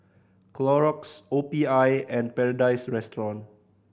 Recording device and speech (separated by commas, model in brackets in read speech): boundary microphone (BM630), read sentence